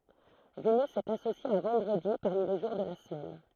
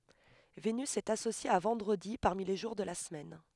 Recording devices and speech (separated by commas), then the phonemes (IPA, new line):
throat microphone, headset microphone, read sentence
venys ɛt asosje a vɑ̃dʁədi paʁmi le ʒuʁ də la səmɛn